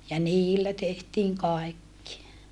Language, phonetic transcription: Finnish, ja niillä tehtiiŋ kaekki .
- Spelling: ja niillä tehtiin kaikki

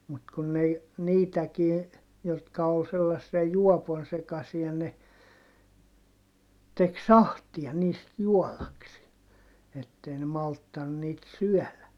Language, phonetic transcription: Finnish, mut kun n ‿ei , niitäkii , jotka ol sellassia juɔpon sekasia ne , tek sahtia niist juɔlaksi(e) , ettei ne malttan niit syɔ̈̀lä .
- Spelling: mutta kun ne ei niitäkin jotka oli sellaisia juopon sekaisia ne teki sahtia niistä juodakseen että ei ne malttanut niitä syödä

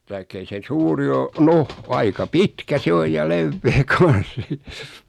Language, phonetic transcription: Finnish, taik'k ‿ei se 'suuri o "noh , 'aika "pitkä 'se oj ja "levvee 'kan̬s .
- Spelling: tai ei se suuri ole no aika pitkä se on ja leveä kanssa

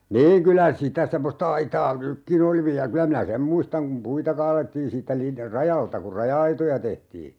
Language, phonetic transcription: Finnish, 'niiŋ 'kylä 'sitä "semmosta aitaa "nykkin ‿oli 'viä 'kylä minä "sem muistaŋ kum 'puita kaalettiin siittä 'lin- , "rajalta kur "raja₍aitoja 'tehtii .
- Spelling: niin kyllä sitä semmoista aitaa nytkin oli vielä kyllä minä sen muistan kun puita kaadettiin siitä - rajalta kun raja-aitoja tehtiin

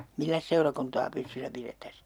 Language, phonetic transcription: Finnish, 'milläs seurakuntaa 'pystysä pirettäs .
- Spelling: milläs seurakuntaa pystyssä pidettäisiin

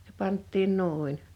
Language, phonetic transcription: Finnish, (se) 'pant̆tiin 'nù̬in .
- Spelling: se pantiin noin

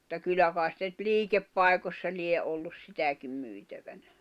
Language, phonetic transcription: Finnish, [mut]ta 'kyl̆lä kài̬s sitä ⁿʸt "liikeppai̬kośsa 'lie ’ollus 'sitäkim 'myitävänä .
- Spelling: mutta kyllä kai sitä nyt liikepaikoissa lie ollut sitäkin myytävänä

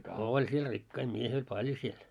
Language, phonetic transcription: Finnish, 'ooĺ siel 'rikkai 'miehi oĺ "paĺjo siel .
- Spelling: oli siellä rikkaita miehiä oli paljon siellä

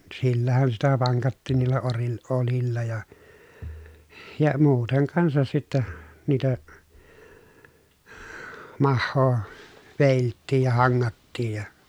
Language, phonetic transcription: Finnish, sillähän sitä vaŋkattiin niillä oril- olilla ja , ja muuteŋ kansas sittä , niitä , mahhoo , vèilttiij ja haŋŋattiij ja ,.
- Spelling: sillähän sitä vankattiin niillä - oljilla ja ja muuten kanssa sitten niitä mahaa vedeltiin ja hangattiin ja

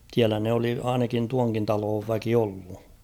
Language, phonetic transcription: Finnish, 's̭iälä ne oli 'ainakin tuaŋkin 'taloov väki 'ollu .
- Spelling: siellä ne oli ainakin tuonkin talon väki ollut

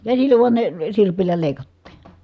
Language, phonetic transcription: Finnish, käsillä vuan ne , sirpillä lèi̮kattii .
- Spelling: käsillä vain ne sirpillä leikattiin

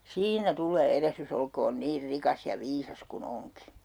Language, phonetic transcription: Finnish, » "siinä 'tul̆lee 'erehrys ‿olkoon 'niir 'rikas ja 'viisas ku'n ‿oŋki .
- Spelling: siinä tulee erehdys olkoon niin rikas ja viisas kuin onkin

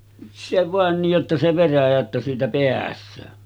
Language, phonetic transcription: Finnish, se vàen nij jotta se 'veräjä että siitä 'peäs̆söö .
- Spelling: se vain niin jotta se veräjä että siitä pääsee

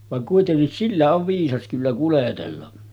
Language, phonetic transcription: Finnish, vaŋ kuitennis 'sillä ov 'viisas kyllä kuletella .
- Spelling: vaan kuitenkin sillä on viisas kyllä kuljetella

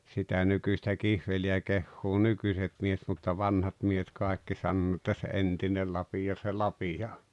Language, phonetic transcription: Finnish, sitä 'nykyśtä 'kihveli₍ä 'kehhuu "nykyset miehᵉt mutta "vanhat miehet 'kàekki sannoo ‿ᵉttä » se "entinel 'lapija se "lapija o « .
- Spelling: sitä nykyistä kihveliä kehuu nykyiset miehet mutta vanhat miehet kaikki sanoo että se entinen lapio se lapio on

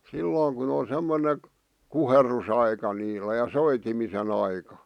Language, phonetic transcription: Finnish, 'sillooŋ kun ‿on̬ semmone , 'kuherrusaika niilä ja 'soitimisen ‿aika .
- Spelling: silloin kun on semmoinen kuherrusaika niillä ja soitimisen aika

